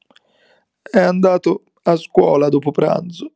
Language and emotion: Italian, sad